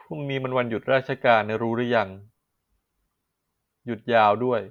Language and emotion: Thai, neutral